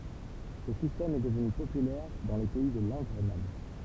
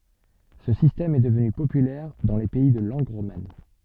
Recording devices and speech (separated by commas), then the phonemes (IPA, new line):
temple vibration pickup, soft in-ear microphone, read sentence
sə sistɛm ɛ dəvny popylɛʁ dɑ̃ le pɛi də lɑ̃ɡ ʁoman